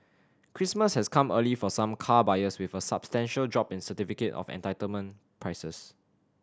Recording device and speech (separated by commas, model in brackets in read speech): standing microphone (AKG C214), read sentence